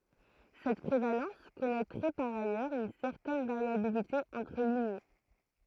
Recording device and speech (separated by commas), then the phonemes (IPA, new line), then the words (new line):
throat microphone, read sentence
sɛt pʁevalɑ̃s kɔnɛtʁɛ paʁ ajœʁz yn sɛʁtɛn vaʁjabilite ɑ̃tʁ liɲe
Cette prévalence connaîtrait par ailleurs une certaine variabilité entre lignées.